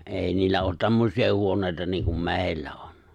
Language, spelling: Finnish, ei niillä ole tämmöisiä huoneita niin kuin meillä on
- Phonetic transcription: '’èi niillä oot 'tämməsi₍a 'huoǹèita niiŋkum "me̬e̬ⁱllä ᴏɴ .

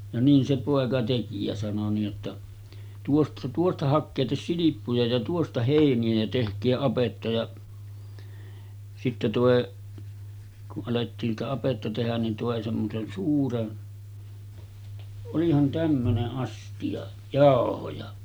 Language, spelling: Finnish, ja niin se poika teki ja sanoi niin jotta - tuosta hakekaa silppuja ja tuosta heiniä ja tehkää apetta ja sitten toi kun alettiin sitä apetta tehdä niin toi semmoisen suuren olihan tämmöinen astia jauhoja
- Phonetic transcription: ja 'niin se pòeka teki ja sano nii’ ’otta , » tuost- 'tuosta 'hakkeetes "silippuja ja 'tuosta hèini₍ä jä 'tehk̆kee 'apetta ja « , sitte tòe , kuˀ 'ˀalettiin sitä apetta tehän nin tòe semmosen 'suuren , olihan 'tämmöne’ '’astiʲa , "jàohoja .

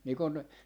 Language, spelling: Finnish, niin kun
- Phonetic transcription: nii kon ,.

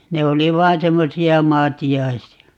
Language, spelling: Finnish, ne oli vain semmoisia maatiaisia
- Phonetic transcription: 'ne oli "vaan 'semmosi₍a "maati₍aisi₍a .

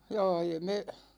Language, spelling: Finnish, jaa ja me
- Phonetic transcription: 'jaa ja me ,.

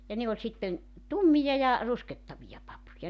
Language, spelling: Finnish, ja ne oli sitten tummia ja ruskehtavia papuja
- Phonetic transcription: ja ne oĺ sitten , "tummija ja , 'ruskettavija 'papuja .

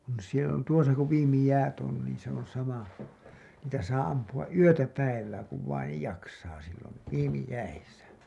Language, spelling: Finnish, on siellä tuossa kun viimeiset jäät on niin se on sama niitä saa ampua yötä päivää kun vain jaksaa silloin viimeiset jäissä
- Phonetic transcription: on sielä , tuosa ku 'viimi 'jäät on niin se ‿on sama , niitä saa ampu₍aˀ "ˀyötä "päivää kuv vai-nej 'jaksaa sillon̬ , 'viimi 'jäisä .

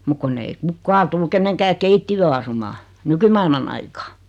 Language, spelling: Finnish, mutta kun ei kukaan tule kenenkään keittiöön asumaan nykymaailman aikaa
- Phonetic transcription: muk 'kunn ‿ei "kukkaa tul 'keneŋkää "keittijöö asumaa , "nykymailman ‿aikaa .

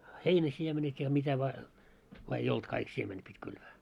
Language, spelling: Finnish, heinäsiemenet ja mitä vain vaan ei ollut kaikki siemenet piti kylvää
- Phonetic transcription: 'heinäsiemenet ja mitä vaa , vaa ei "olt kaik siemenet pit́ 'kylvää .

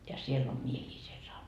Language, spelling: Finnish, ja siellä on miehiä siellä -
- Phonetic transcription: ja 'siell ‿om "miehii siel sau - .

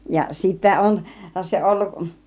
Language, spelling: Finnish, ja sitten se ollut
- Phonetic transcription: ja sittä - - se 'olluˀ .

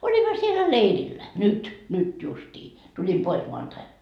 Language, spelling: Finnish, olimme siellä leirillä nyt nyt justiin tulin pois maanantaina
- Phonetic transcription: 'oĺimma sielä "leirillä , 'nyt , 'nyt justii , 'tulim pois 'moantai .

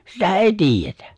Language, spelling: Finnish, sitä ei tiedetä
- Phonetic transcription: sitä "’èi 'tiijjetᴀ̈ .

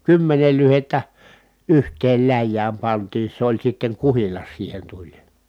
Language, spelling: Finnish, kymmenen lyhdettä yhteen läjään pantiin se oli sitten kuhilas siihen tuli
- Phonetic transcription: kymmenel lyhettä , yht̀eel läjjääm pantii se oĺ sitteŋ kuhilas siihen tuĺ .

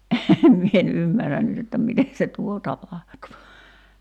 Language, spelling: Finnish, enhän minä en ymmärrä nyt että miten se tuo tapahtuu
- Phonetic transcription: ’ehem 'mie en "ymmärän nyt ‿että "mite se 'tuo 'tapahtuu .

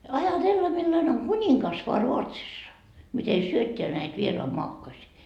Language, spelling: Finnish, ajatella millainen on kuningas vain Ruotsissa miten syöttää näitä vieraanmaakkoisia
- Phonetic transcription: 'aja"tella millane oŋ "kuńiŋkas voa 'Ruotsissa , mite 'syötteä näit 'vieroa'moakkosii .

